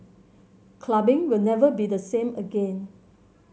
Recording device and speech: mobile phone (Samsung C7100), read sentence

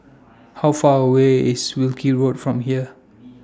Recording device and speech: standing microphone (AKG C214), read sentence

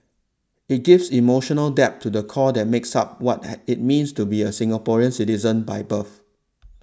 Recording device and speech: standing microphone (AKG C214), read sentence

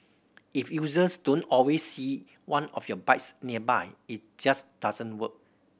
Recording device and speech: boundary microphone (BM630), read sentence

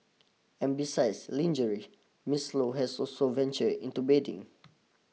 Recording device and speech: mobile phone (iPhone 6), read sentence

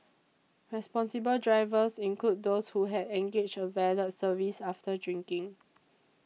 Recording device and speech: mobile phone (iPhone 6), read sentence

